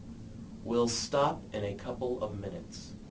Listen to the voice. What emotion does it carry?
disgusted